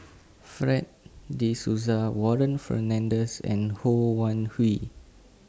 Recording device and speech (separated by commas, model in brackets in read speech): standing microphone (AKG C214), read sentence